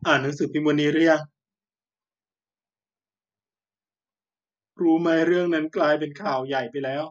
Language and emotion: Thai, sad